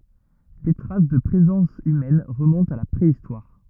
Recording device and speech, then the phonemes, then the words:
rigid in-ear microphone, read sentence
de tʁas də pʁezɑ̃s ymɛn ʁəmɔ̃tt a la pʁeistwaʁ
Des traces de présence humaines remontent à la préhistoire.

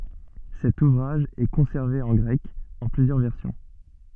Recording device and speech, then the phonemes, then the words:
soft in-ear microphone, read sentence
sɛt uvʁaʒ ɛ kɔ̃sɛʁve ɑ̃ ɡʁɛk ɑ̃ plyzjœʁ vɛʁsjɔ̃
Cet ouvrage est conservé en grec, en plusieurs versions.

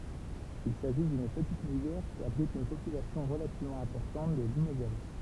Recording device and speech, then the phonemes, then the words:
temple vibration pickup, read sentence
il saʒi dyn pətit mujɛʁ ki abʁit yn popylasjɔ̃ ʁəlativmɑ̃ ɛ̃pɔʁtɑ̃t də limozɛl
Il s'agit d'une petite mouillère qui abrite une population relativement importante de limoselle.

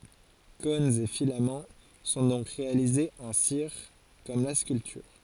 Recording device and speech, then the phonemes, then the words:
forehead accelerometer, read sentence
kɔ̃nz e filamɑ̃ sɔ̃ dɔ̃k ʁealizez ɑ̃ siʁ kɔm la skyltyʁ
Cônes et filaments sont donc réalisés en cire, comme la sculpture.

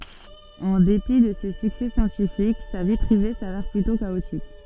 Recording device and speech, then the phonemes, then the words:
soft in-ear microphone, read sentence
ɑ̃ depi də se syksɛ sjɑ̃tifik sa vi pʁive savɛʁ plytɔ̃ kaotik
En dépit de ses succès scientifiques, sa vie privée s'avère plutôt chaotique.

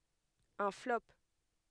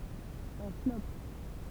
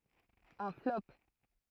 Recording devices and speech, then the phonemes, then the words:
headset microphone, temple vibration pickup, throat microphone, read sentence
œ̃ flɔp
Un flop.

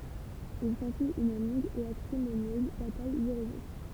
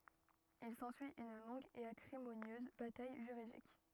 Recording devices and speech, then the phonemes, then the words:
temple vibration pickup, rigid in-ear microphone, read sentence
il sɑ̃syi yn lɔ̃ɡ e akʁimonjøz bataj ʒyʁidik
Il s'ensuit une longue et acrimonieuse bataille juridique.

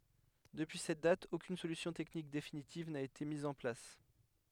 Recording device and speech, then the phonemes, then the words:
headset microphone, read sentence
dəpyi sɛt dat okyn solysjɔ̃ tɛknik definitiv na ete miz ɑ̃ plas
Depuis cette date, aucune solution technique définitive n'a été mise en place.

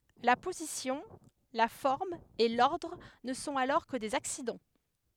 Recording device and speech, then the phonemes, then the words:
headset microphone, read sentence
la pozisjɔ̃ la fɔʁm e lɔʁdʁ nə sɔ̃t alɔʁ kə dez aksidɑ̃
La position, la forme et l’ordre ne sont alors que des accidents.

